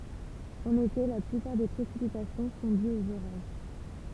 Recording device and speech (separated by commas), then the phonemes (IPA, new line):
temple vibration pickup, read sentence
ɑ̃n ete la plypaʁ de pʁesipitasjɔ̃ sɔ̃ dyz oz oʁaʒ